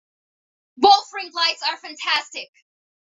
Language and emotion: English, neutral